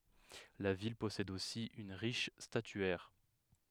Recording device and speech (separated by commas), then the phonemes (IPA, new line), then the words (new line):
headset microphone, read sentence
la vil pɔsɛd osi yn ʁiʃ statyɛʁ
La ville possède aussi une riche statuaire.